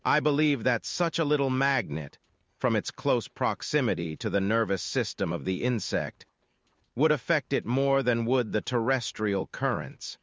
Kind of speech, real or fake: fake